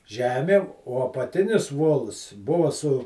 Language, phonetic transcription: Lithuanian, ˈžemėm o apaˈtinis ˈvols ˈbuva su

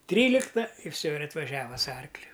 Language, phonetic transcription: Lithuanian, ˈtrylikta ir ˈfsio ir atvaˈžiava su ˈarkliu

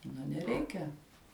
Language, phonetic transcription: Lithuanian, nu neˈreikia

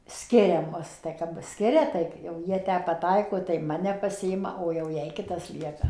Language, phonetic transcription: Lithuanian, ˈskiria ˈmus tai kap ˈskiria ˈtaip jau ˈjie ˈtę paˈtaiko tai ˈmane paˈsiima o jau ˈjai ˈkitas ˈlieka

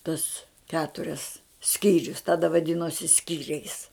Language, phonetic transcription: Lithuanian, tus ˈketurias ˈskyrius ˈtada vaˈdinosi ˈskyriais

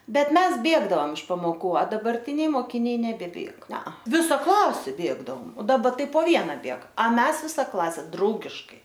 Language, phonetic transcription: Lithuanian, ˈbet ˈmes ˈbėgdaom iš pamoˈkų a dabarˈtiniai mokiˈniai nebeˈbėg ˈnea ˈvisa ˈklasė ˈbėgdaom o daˈba ˈtai po ˈvieną ˈbėg a ˈmes ˈvisa ˈklase ˈdraugiškai

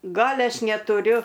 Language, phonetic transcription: Lithuanian, ˈgal' ˈaš netuˈriu

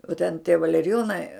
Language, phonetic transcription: Lithuanian, o ten tie valeriˈjonai

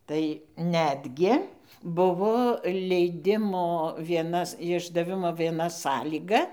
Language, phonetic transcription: Lithuanian, tai ˈnetgi ˈbuvo leiˈdimo vieˈnas išdaˈvimo vieˈna ˈsąlyga

